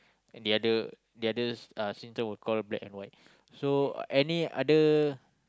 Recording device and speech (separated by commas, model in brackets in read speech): close-talking microphone, conversation in the same room